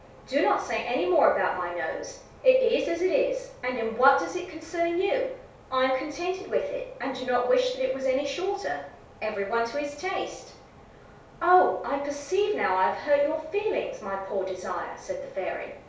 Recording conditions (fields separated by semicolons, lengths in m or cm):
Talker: one person; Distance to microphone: 3.0 m; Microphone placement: far; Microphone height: 1.8 m; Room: small (3.7 m by 2.7 m); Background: none